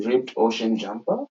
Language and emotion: English, surprised